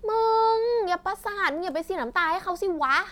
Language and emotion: Thai, frustrated